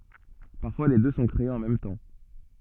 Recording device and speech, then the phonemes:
soft in-ear microphone, read sentence
paʁfwa le dø sɔ̃ kʁeez ɑ̃ mɛm tɑ̃

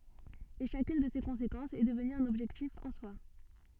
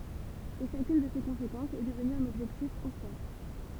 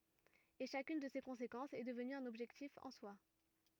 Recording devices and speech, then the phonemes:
soft in-ear microphone, temple vibration pickup, rigid in-ear microphone, read sentence
e ʃakyn də se kɔ̃sekɑ̃sz ɛ dəvny œ̃n ɔbʒɛktif ɑ̃ swa

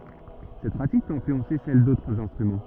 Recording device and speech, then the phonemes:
rigid in-ear microphone, read sentence
sɛt pʁatik pøt ɛ̃flyɑ̃se sɛl dotʁz ɛ̃stʁymɑ̃

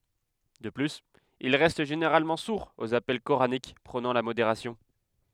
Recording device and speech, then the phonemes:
headset microphone, read sentence
də plyz il ʁɛst ʒeneʁalmɑ̃ suʁz oz apɛl koʁanik pʁonɑ̃ la modeʁasjɔ̃

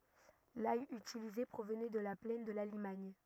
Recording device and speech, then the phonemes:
rigid in-ear microphone, read sentence
laj ytilize pʁovnɛ də la plɛn də la limaɲ

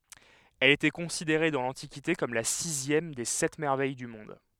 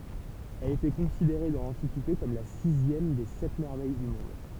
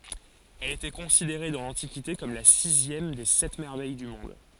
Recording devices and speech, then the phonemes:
headset microphone, temple vibration pickup, forehead accelerometer, read sentence
ɛl etɛ kɔ̃sideʁe dɑ̃ lɑ̃tikite kɔm la sizjɛm de sɛt mɛʁvɛj dy mɔ̃d

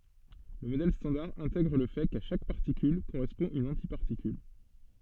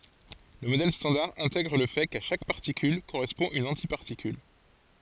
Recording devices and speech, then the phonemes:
soft in-ear microphone, forehead accelerometer, read sentence
lə modɛl stɑ̃daʁ ɛ̃tɛɡʁ lə fɛ ka ʃak paʁtikyl koʁɛspɔ̃ yn ɑ̃tipaʁtikyl

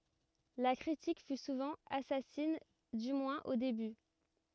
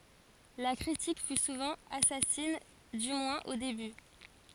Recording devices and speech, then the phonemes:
rigid in-ear microphone, forehead accelerometer, read sentence
la kʁitik fy suvɑ̃ asasin dy mwɛ̃z o deby

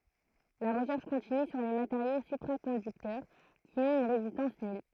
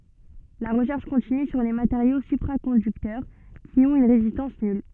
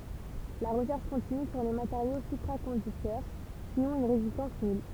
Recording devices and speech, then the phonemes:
throat microphone, soft in-ear microphone, temple vibration pickup, read sentence
la ʁəʃɛʁʃ kɔ̃tiny syʁ le mateʁjo sypʁakɔ̃dyktœʁ ki ɔ̃t yn ʁezistɑ̃s nyl

